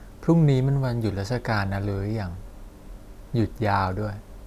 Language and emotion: Thai, neutral